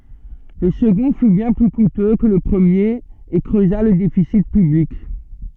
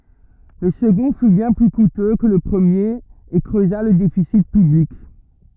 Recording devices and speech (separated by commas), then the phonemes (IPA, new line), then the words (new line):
soft in-ear microphone, rigid in-ear microphone, read sentence
lə səɡɔ̃ fy bjɛ̃ ply kutø kə lə pʁəmjeʁ e kʁøza lə defisi pyblik
Le second fut bien plus coûteux que le premier, et creusa le déficit public.